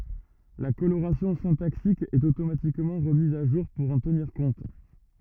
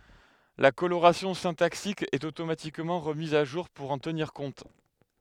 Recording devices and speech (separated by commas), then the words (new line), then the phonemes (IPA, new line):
rigid in-ear microphone, headset microphone, read sentence
La coloration syntaxique est automatiquement remise à jour pour en tenir compte.
la koloʁasjɔ̃ sɛ̃taksik ɛt otomatikmɑ̃ ʁəmiz a ʒuʁ puʁ ɑ̃ təniʁ kɔ̃t